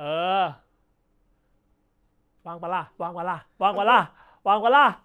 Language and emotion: Thai, happy